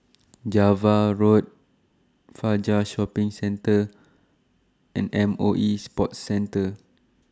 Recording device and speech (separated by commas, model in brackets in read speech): standing microphone (AKG C214), read sentence